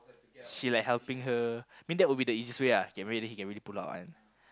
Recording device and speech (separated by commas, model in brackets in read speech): close-talking microphone, conversation in the same room